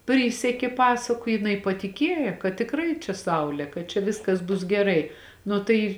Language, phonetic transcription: Lithuanian, ˈprysekė ˈpasaku jiˈnai patiˈkėja kad tikˈrai čia ˈsaulė kad čia ˈviskas bus geˈrai ˈnu tai

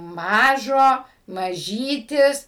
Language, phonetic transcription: Lithuanian, ˈmažo maˈžytis

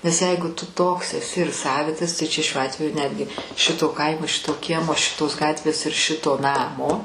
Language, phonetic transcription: Lithuanian, nes ˈjeigu tu ˈtoks eˈsi ir ˈsavitas taiˈ čia šiuo ˈatveju ˈnetgi ˈšito ˈkaimo ˈšito ˈkiemo ˈšitos ˈgatvės ir ˈšito ˈnamo

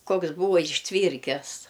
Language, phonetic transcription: Lithuanian, ˈkoks ˈbūva išˈtvyrkes

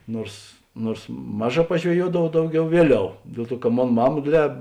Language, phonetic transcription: Lithuanian, ˈnuors ˈnuors ˈmaˌžā pažveˈjuodavau ˈdauˌgiau ˈvieˌliau ˈdiel ˌtuo ka ˈmon ˈmama ˈdėdˌlē

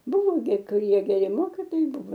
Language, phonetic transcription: Lithuanian, ˈbuvo gi kuˈrie geˈri ˈmokytojai ˈbuvo

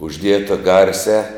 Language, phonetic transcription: Lithuanian, užˈdieta ˈgarsiā

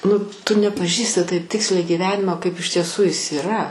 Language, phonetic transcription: Lithuanian, nu ˈtu nepaˈžįsti ˈtaip ˈtiksliai gyˈvenimo ˈkaip iš tieˈsu ˈjis iˈra

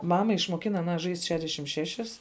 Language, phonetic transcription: Lithuanian, ˈmama išmuoˈkina aˈna žaist' ˈšedešim ˈšešis

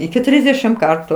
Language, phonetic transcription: Lithuanian, iki ˈtrysdešim ˈkartu

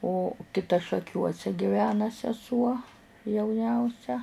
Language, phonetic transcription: Lithuanian, o kiˈta šaˈkiuose giˈvena seˈsuo jauˈniausia

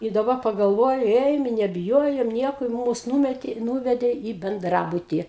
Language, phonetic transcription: Lithuanian, i daˈba pagalˈvoju ˈėjom i nebiˈjojom ˈnieko i ˈmūs ˈnūmetė ˈnūvedė į benˈdrabutį

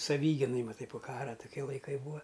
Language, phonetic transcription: Lithuanian, saˈvyginai maˈtai po ˈkara tuˈkie laiˈkai ˈbūa

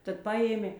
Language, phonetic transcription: Lithuanian, ˈtad ˈpajėmė

